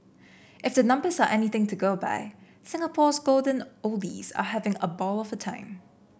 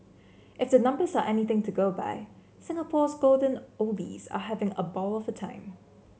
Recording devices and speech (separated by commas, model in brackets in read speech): boundary microphone (BM630), mobile phone (Samsung C7), read sentence